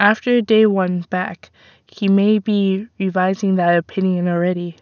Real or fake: real